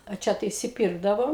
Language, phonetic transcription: Lithuanian, a ˈčia tai išsiˈpyrkdavom

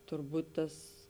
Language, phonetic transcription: Lithuanian, turˈbūt ˈtas

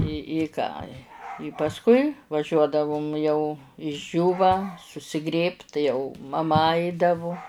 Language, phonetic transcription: Lithuanian, i i ˈką i i pasˈkui vaˈžiuodavum jau išˈdžiūva susiˈgrėbt tai jau maˈma ˈaidavu

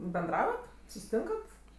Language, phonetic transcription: Lithuanian, benˈdravat susiˈtinkat

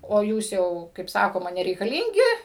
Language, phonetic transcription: Lithuanian, o ˈjūs ˈjau kaip ˈsakoma nereikaˈlyngi

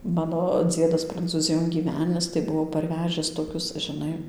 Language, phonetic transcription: Lithuanian, ˈmano ˈdziedas prancūˈzijon gyˈvenis tai ˈbuvo parˈvežis toˈkius žiˈnai

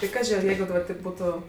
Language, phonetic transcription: Lithuanian, tai ˈkaži ar ˈjeigu daˈbar taip ˈbūtu

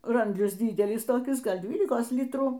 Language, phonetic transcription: Lithuanian, ˈrandlis ˈdydelis toˈkis ˈgal ˈdvylikos ˈlitrų

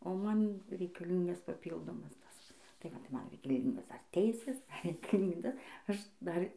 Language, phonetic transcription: Lithuanian, o ˈman reikaˈlyngas paˈpyldomas ˈtas taiˈ va tai ˈman reikaˈlyngos dar ˈteisės dar reikaˈlynda ˈaš ˈdar

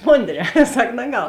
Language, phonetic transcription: Lithuanian, ˈmonˌdrē ˈsak naˈgal

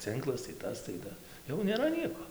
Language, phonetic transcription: Lithuanian, ˈcɨnklas tai ˈtas tai ˈta jau nėˈra ˈnieko

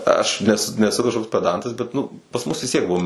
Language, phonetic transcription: Lithuanian, ˈaš nes neˈsu kažˈkoks peˈdantas bet ˈnu pas ˈmus vis ˈtiek ˈbuvo

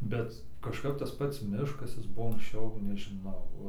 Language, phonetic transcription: Lithuanian, ˈbet kažˈkap tas ˈpats ˈmiškas ˈjis ˈbuvo anksˈčiau nežiˈnau

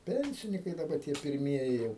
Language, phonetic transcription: Lithuanian, ˈpensinikai daˈba tie pirˈmieji jau

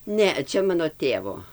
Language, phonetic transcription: Lithuanian, ˈne ˈčia ˈmano ˈtėvo

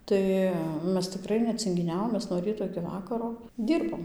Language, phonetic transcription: Lithuanian, ˈtai ˈmes tiˈkrai necingiˈniavom ˈmes no ˈryto iki ˈvakaro ˈdyrbom

